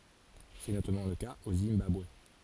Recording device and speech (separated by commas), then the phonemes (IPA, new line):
forehead accelerometer, read sentence
sɛ notamɑ̃ lə kaz o zimbabwe